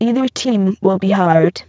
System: VC, spectral filtering